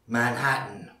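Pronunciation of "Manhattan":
In 'Manhattan', no t sound is heard, so the word sounds like 'man ha in'.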